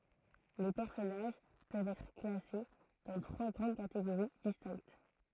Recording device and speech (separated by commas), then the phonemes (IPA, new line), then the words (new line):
throat microphone, read sentence
le pɛʁsɔnaʒ pøvt ɛtʁ klase dɑ̃ tʁwa ɡʁɑ̃d kateɡoʁi distɛ̃kt
Les personnages peuvent être classés dans trois grandes catégories distinctes.